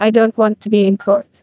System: TTS, neural waveform model